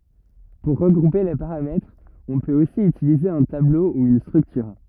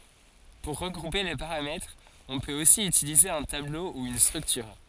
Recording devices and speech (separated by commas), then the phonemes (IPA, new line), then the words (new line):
rigid in-ear microphone, forehead accelerometer, read sentence
puʁ ʁəɡʁupe le paʁamɛtʁz ɔ̃ pøt osi ytilize œ̃ tablo u yn stʁyktyʁ
Pour regrouper les paramètres, on peut aussi utiliser un tableau ou une structure.